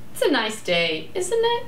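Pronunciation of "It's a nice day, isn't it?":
'It's a nice day, isn't it?' is said with a rising and falling intonation.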